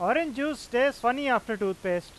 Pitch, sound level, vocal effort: 240 Hz, 96 dB SPL, loud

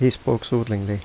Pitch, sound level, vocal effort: 115 Hz, 80 dB SPL, soft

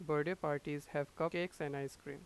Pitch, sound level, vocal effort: 150 Hz, 89 dB SPL, normal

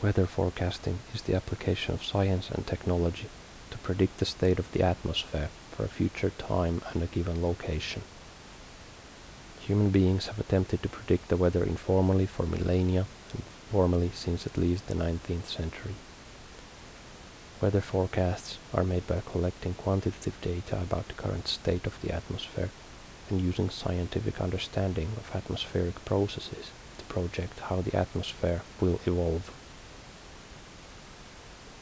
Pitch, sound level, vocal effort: 90 Hz, 71 dB SPL, soft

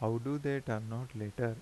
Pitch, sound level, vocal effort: 115 Hz, 81 dB SPL, soft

